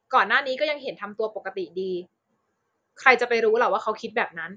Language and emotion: Thai, frustrated